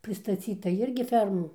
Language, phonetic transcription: Lithuanian, pristaˈcyta ˈirgi ˈfermų

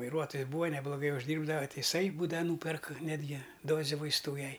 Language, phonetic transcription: Lithuanian, vaiˈruotojis ˈbūva nebloˈgai užˈdyrbdava ˈti iˈsai ˈbūdava ˈnūperk ˈnetgi ˈdoze vaisˈtų ˈjai

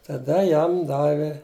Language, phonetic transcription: Lithuanian, taˈda ˈjam ˈdavi

